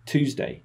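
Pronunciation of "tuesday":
'Tuesday' is said the American English way, beginning with a t sound rather than a ch sound.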